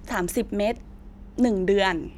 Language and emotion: Thai, neutral